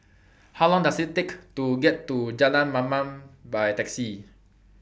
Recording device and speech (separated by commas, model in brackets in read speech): boundary microphone (BM630), read sentence